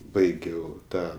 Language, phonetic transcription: Lithuanian, ˈbaigiau ˈtą

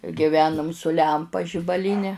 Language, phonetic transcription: Lithuanian, giˈvenum su ˈlempa žibaˈlyne

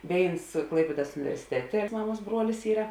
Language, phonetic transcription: Lithuanian, ˈvėins ˈklaipiedas universiˈtetė ˈmaˌmuos ˈbruolis ˈyra

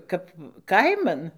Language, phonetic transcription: Lithuanian, ˈkap ˈkaiman

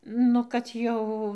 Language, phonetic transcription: Lithuanian, ˈnu kad ˈjau

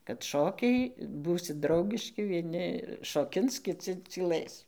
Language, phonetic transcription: Lithuanian, kad ˈšokiai ˈbūsit ˈdraugiški vieˈni šoˈkins kiˈci cyˈlɘs

